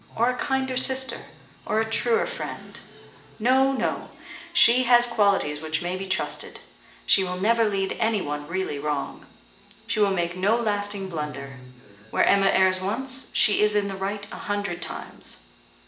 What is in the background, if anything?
A television.